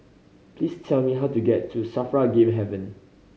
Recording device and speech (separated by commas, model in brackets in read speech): mobile phone (Samsung C5010), read sentence